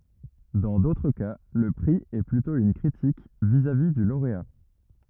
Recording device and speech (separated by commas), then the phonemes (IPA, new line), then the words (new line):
rigid in-ear microphone, read sentence
dɑ̃ dotʁ ka lə pʁi ɛ plytɔ̃ yn kʁitik vizavi dy loʁea
Dans d'autres cas, le prix est plutôt une critique vis-à-vis du lauréat.